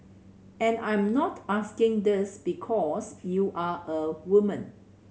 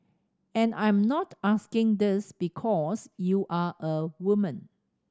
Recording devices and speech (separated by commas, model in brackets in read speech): mobile phone (Samsung C7100), standing microphone (AKG C214), read sentence